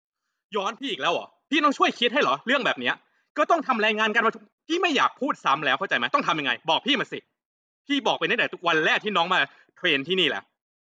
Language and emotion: Thai, angry